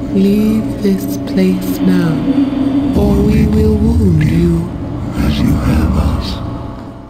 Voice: incredibly creepy voice